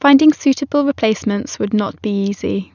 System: none